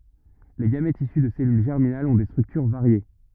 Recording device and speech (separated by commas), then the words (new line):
rigid in-ear microphone, read sentence
Les gamètes issus de cellules germinales ont des structures variées.